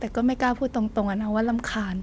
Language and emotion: Thai, frustrated